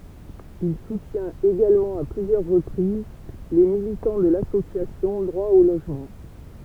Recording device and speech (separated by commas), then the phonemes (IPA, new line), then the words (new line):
temple vibration pickup, read sentence
il sutjɛ̃t eɡalmɑ̃ a plyzjœʁ ʁəpʁiz le militɑ̃ də lasosjasjɔ̃ dʁwa o loʒmɑ̃
Il soutient également à plusieurs reprises les militants de l'association Droit au logement.